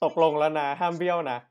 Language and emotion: Thai, happy